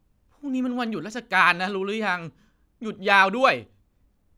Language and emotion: Thai, sad